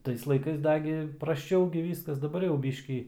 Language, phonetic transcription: Lithuanian, ˈtais laiˈkais ˈdagi prasˈčau gi ˈvyskas daˈbar jau ˈbyškį

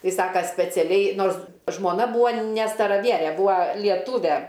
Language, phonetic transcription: Lithuanian, ˈtai ˈsaka speciaˈliai ˈnors žmoˈna ˈbūo ne staraˈviere ˈbūa lieˈtūve

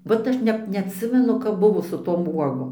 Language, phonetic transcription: Lithuanian, ˈvat aš ˈnep neatˈsimenu kap ˈbuvo su ˈtom ˈuogom

